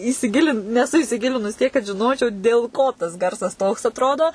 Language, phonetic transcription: Lithuanian, įsiˈgilint neˈsu įsiˈgilinus tiek kad žiˈnočiau dėl ˈko tas ˈgarsas toks atˈrodo

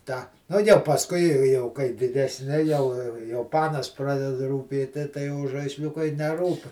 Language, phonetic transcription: Lithuanian, tą ˈnu jau pasˈkui i jau kai didesˈni jau jau ˈpanas ˈpradeda rūˈpėti tai jau žaisˈliukai neˈrūp

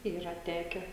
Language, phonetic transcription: Lithuanian, ˈyra ˈteke

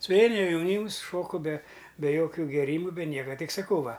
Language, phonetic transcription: Lithuanian, suˈveina jaˈnyms ˈšoku be be ˈjokiu gėˈrymu be ˈnieka ˈtik saˈkau ˈva

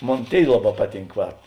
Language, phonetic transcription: Lithuanian, ˈmon ˈtėi ˈlaˌbā ˈpaˌtynk ˈvat

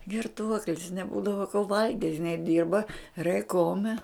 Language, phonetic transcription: Lithuanian, girˈtuoklis neˈbūdavo ko ˈvalgit' iˈnai ˈdirba reiˈkome

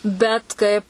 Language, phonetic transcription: Lithuanian, bet ˈkaip

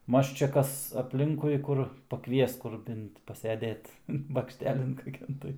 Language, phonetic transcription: Lithuanian, ˈmaž čia ˈkas apˈlinkui ˈkur paˈkvies ˈkur ˈbint paseˈdėt bakšˈtelin kaˈkian tai

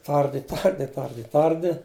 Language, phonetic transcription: Lithuanian, ˈtardi ˈtardi ˈtardi ˈtardi

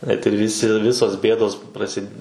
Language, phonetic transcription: Lithuanian, net ir ˈvisi ˈvisos ˈbėdos praˈsid

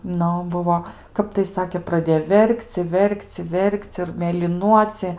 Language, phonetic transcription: Lithuanian, ˈnu ˈbuvo ˈkap tai ˈsakė praˈdėjo ˈver'k'c' i ˈver'k'c' i ˈver'k'c' ir mėliˈnuocie

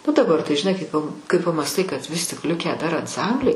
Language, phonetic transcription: Lithuanian, nu daˈbar tai žiˈnai kai pa kai pamąsˈtai kad vis ˈlikę dar ansˈambliai

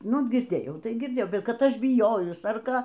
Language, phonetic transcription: Lithuanian, ˈnu girˈdėjau tai girˈdėjau ˈkad ˈaš biˈjojus ar ˈką

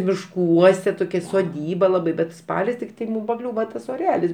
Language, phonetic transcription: Lithuanian, mišˈkuose toˈkia soˈdyba ˈlabai ˈbet ˈspalis tikˈtai ˈmūm paˈkliūva ˈtas oˈrelis

